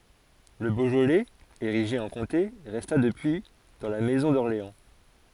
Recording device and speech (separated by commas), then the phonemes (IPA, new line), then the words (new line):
forehead accelerometer, read sentence
lə boʒolɛz eʁiʒe ɑ̃ kɔ̃te ʁɛsta dəpyi dɑ̃ la mɛzɔ̃ dɔʁleɑ̃
Le Beaujolais, érigé en comté, resta depuis dans la maison d'Orléans.